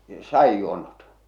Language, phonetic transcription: Finnish, 'sa₍ijjuonnot ?
- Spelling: sadinjuonnot

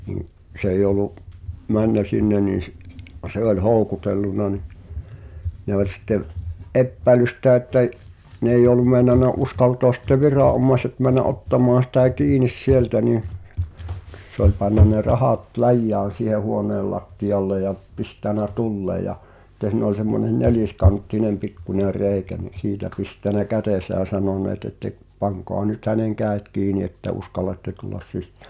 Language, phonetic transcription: Finnish, niŋ̆ , 's ‿eij ‿olu’ , "männä 'sinne nii s- , "se oĺ "hòu̬kutelluna ni , ne ‿oĺ sittev , '’eppäi̬lys sitä ᵉttä j- , 'n ‿eij̆j ‿ol̆lum mèinan̆na "’uskaltoas sitte 'virà’’ommai̬set män̆nä’ '’ottam̀aan̬ sⁱtä̀ "kiinis "sieltä nii , sᵉ ‿oĺ panna ne 'rahàt "läjjään̬ siihe 'huoneel lattiʲalle ja , 'pistä̀nä "tullee ja , [sit]t̀e si̳n ‿ol semmonen "nelìskanttinem pikkuńer 'reeⁱkä ni , 'siitä pistänä "kätèsä ʲä 'sanone̳e̳t̳ ‿että’ , » 'paŋkoa nyt 'häneŋ "kääᵉt 'kiini että 'uskal̆latte tullas 'sis(sᴀ̈ᴀ̈) « .
- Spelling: niin se ei ollut mennyt sinne niin - se oli houkutellut niin ne oli sitten epäillyt sitä että - ne ei ollut meinannut uskaltaa sitten viranomaiset mennä ottamaan sitä kiinni sieltä niin se oli pannut ne rahat läjään siihen huoneen lattialle ja pistänyt tulemaan ja sitten siinä oli semmoinen neliskanttinen pikkuinen reikä niin siitä pistänyt kätensä ja sanonut että pankaa nyt hänen kädet kiinni että uskallatte tulla sisään

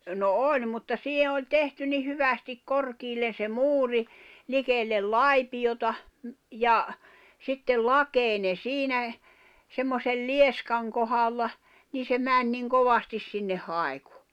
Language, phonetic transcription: Finnish, no "oĺ mutta 'sihe oĺ "tehty ni 'hyvästik "korkiillen̬ se "muuri , 'likellel "lai̬piʲota , 'ja , sittel "lakèine "siinä , semmosel "lieskaŋ kohalla , nii se "mäń niŋ 'kovastis sinneh̆ 'haekᴜ .
- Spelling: no oli mutta siihen oli tehty niin hyvästi korkealle se muuri likelle laipiota ja sitten lakeinen siinä semmoisen lieskan kohdalla niin se meni niin kovasti sinne haiku

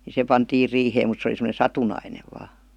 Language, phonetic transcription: Finnish, ni "se pantiir 'riiheem mut se oli sem°ne "satunainev vaa .
- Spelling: niin se pantiin riiheen mutta se oli semmoinen satunnainen vain

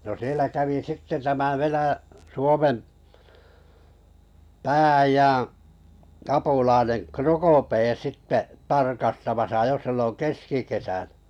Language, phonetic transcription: Finnish, no 'sielä 'kävi "sitte tämä 'Venä- , 'Suomem , "pää₍äijää̰ , k- 'apula̳a̳nen , "Krokopee 'sitte 'tarkasttamasa 'jo silloŋ "keskikesäɴᴀ̈ .
- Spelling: no siellä kävi sitten tämä - Suomen pää-äijän - apulainen Procopé sitten tarkastamassa jo silloin keskikesänä

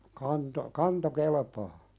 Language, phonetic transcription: Finnish, kanto , "kanto 'kelepaa .
- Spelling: kanto kanto kelpaa

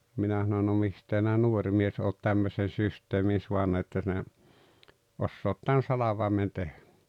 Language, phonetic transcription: Finnish, 'minä sanon » no 'mistee [si]nä "nuoŕ mies oot 'tämmösen̬ 'systeemin suanna että sinä , 'ossoot tän 'salavaemen 'tehᴀ̈ « .
- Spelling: minä sanoin no mistä sinä nuori mies olet tämmöisen systeemin saanut että sinä osaat tämän salvaimen tehdä

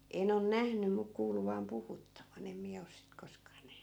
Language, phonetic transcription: Finnish, 'en ‿on "nähny mu 'kuulu vaam 'puhuttavan em 'miä os sit 'koskaa 'nähny .
- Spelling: en on nähnyt mutta kuullut vain puhuttavan en minä ole sitten koskaan nähnyt

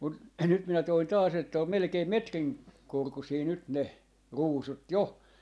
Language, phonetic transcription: Finnish, mut nyt minä toin 'taas ‿että om 'melᵉkeim "metrin , 'korkusii 'nyt 'ne , "ruusut "jo .
- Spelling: mutta nyt minä toin taas että on melkein metrin korkuisia nyt ne ruusut jo

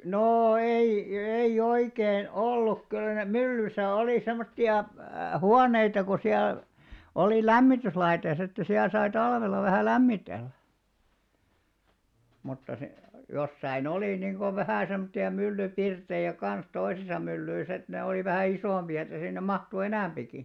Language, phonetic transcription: Finnish, noo 'ei , ei'ʲ ‿oikeen "olluk kyllä ne "myllysä oli 'semmotti₍a , "huaneita ko 'siäl , olì "lämmityslaite (sit) että siäl sai 'talvel̆la vähä̀ "lämmitellä , mutta si- , jossai'n ‿olì niiŋɢo 'vähä̀ semᵒttia 'mylly'pirtejä kan̬s 'toisisa 'myllyis ‿et ne olì vähä̀ 'isòmpi₍a että sinnem 'mahtu "enä̀mʙiki .
- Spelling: no ei ei oikein ollut kyllä ne myllyssä oli semmoisia huoneita kun siellä oli lämmityslaite sitten että siellä sai talvella vähän lämmitellä mutta - jossakin oli niin kuin vähän semmoisia myllypirttejä kanssa toisissa myllyissä että ne oli vähän isompia että sinne mahtui enempikin

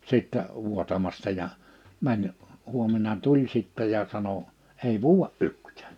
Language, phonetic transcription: Finnish, 'sittɛ , 'vuotamasta ja , 'mäń , huom̆mena 'tuĺ sittɛ ja sano : » 'ei vuuʷa "ykt̀ᴀ̈̀ᴀ̈̀ . «
- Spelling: sitten vuotamasta ja meni huomenna tuli sitten ja sanoi ei vuoda yhtään

